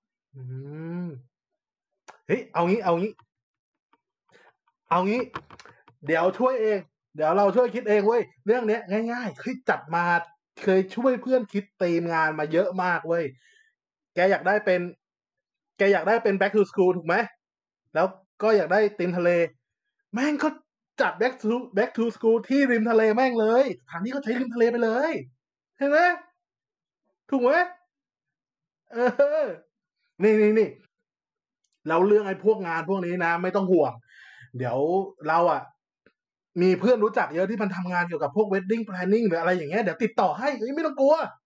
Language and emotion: Thai, happy